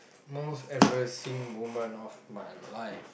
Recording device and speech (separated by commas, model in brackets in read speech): boundary microphone, conversation in the same room